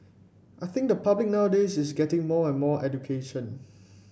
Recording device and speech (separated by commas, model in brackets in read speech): boundary microphone (BM630), read sentence